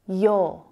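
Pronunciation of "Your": "You're" sounds exactly the same as "your". It ends in just the vowel "or", with no er sound at the end.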